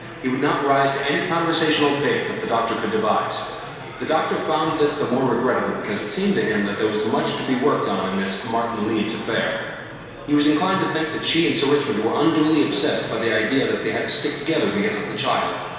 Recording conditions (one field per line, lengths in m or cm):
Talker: one person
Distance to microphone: 1.7 m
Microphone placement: close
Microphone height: 1.0 m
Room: very reverberant, large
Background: babble